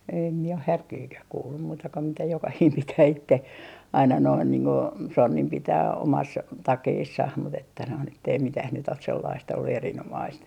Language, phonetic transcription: Finnish, em mie oh "härkiikäh 'kuullum muuta ko mitä 'jokahiim 'pitää 'itte aina noin niiŋ ko , "sonnim 'pitää 'omas , 'takeessah mu't ‿että noin ettei mitäh nyt ‿os sellaist ollu 'erin₍omaist .
- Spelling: en minä ole härkiäkään kuullut muuta kuin mitä jokainen pitää itse aina noin niin kuin sonnin pitää omassa takeessaan mutta että noin että ei mitään nyt ole sellaista ollut erinomaista

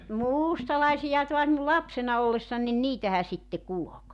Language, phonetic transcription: Finnish, no "muustalaisija toas m[in]u 'lapsena ollessań nin "niitähä sitte 'kulok .
- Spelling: no mustalaisia taas minun lapsena ollessani niin niitähän sitten kulki

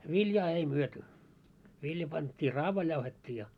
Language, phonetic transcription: Finnish, 'viljaa 'ei 'myöty , 'vilja pant́t́ii 'raavail jauhet́t́ii ja .
- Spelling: viljaa ei myyty vilja pantiin raavaille jauhettiin ja

